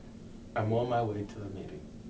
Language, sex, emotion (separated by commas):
English, male, neutral